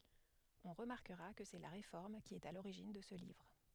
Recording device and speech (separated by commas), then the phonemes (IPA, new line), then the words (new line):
headset microphone, read sentence
ɔ̃ ʁəmaʁkəʁa kə sɛ la ʁefɔʁm ki ɛt a loʁiʒin də sə livʁ
On remarquera que c'est la Réforme qui est à l'origine de ce livre.